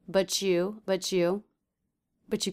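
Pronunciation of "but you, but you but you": In 'but you', a ch sound is heard between 'but' and 'you', where the t is followed by the y sound.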